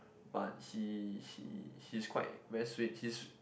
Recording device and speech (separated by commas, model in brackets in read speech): boundary microphone, conversation in the same room